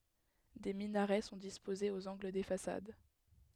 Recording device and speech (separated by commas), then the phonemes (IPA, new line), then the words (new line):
headset microphone, read sentence
de minaʁɛ sɔ̃ dispozez oz ɑ̃ɡl de fasad
Des minarets sont disposés aux angles des façades.